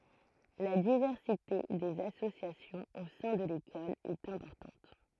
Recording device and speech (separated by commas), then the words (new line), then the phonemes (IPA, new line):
throat microphone, read sentence
La diversité des associations au sein de l'école est importante.
la divɛʁsite dez asosjasjɔ̃z o sɛ̃ də lekɔl ɛt ɛ̃pɔʁtɑ̃t